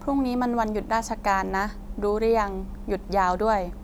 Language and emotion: Thai, neutral